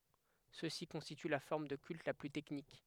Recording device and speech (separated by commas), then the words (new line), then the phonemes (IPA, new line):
headset microphone, read sentence
Ceux-ci constituent la forme de culte la plus technique.
sø si kɔ̃stity la fɔʁm də kylt la ply tɛknik